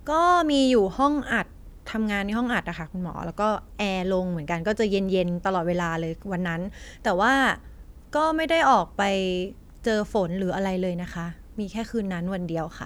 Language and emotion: Thai, neutral